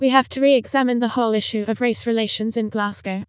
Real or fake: fake